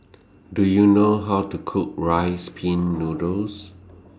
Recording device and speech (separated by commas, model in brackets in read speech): standing microphone (AKG C214), read sentence